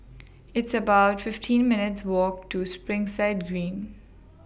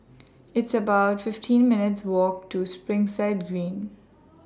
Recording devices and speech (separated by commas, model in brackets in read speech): boundary microphone (BM630), standing microphone (AKG C214), read sentence